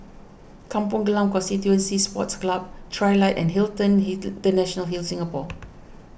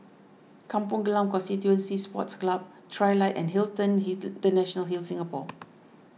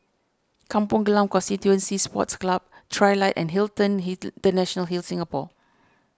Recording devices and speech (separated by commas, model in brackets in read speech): boundary microphone (BM630), mobile phone (iPhone 6), standing microphone (AKG C214), read sentence